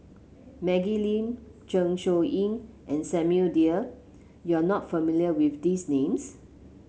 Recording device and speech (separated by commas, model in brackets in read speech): mobile phone (Samsung C7), read sentence